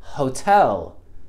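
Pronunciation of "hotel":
In 'hotel', the h at the start is very, very soft, just a breath out, and the o is not stressed.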